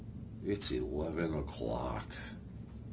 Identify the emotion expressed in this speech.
disgusted